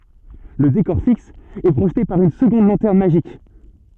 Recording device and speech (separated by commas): soft in-ear microphone, read sentence